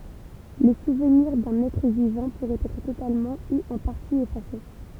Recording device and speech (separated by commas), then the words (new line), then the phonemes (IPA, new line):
temple vibration pickup, read sentence
Les souvenirs d'un être vivant pourraient être totalement ou en partie effacés.
le suvniʁ dœ̃n ɛtʁ vivɑ̃ puʁɛt ɛtʁ totalmɑ̃ u ɑ̃ paʁti efase